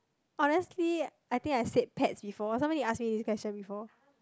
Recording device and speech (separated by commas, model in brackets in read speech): close-talking microphone, conversation in the same room